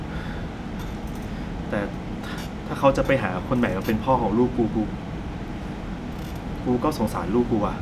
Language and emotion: Thai, frustrated